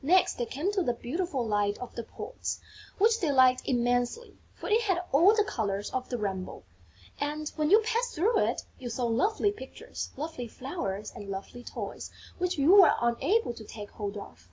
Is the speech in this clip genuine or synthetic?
genuine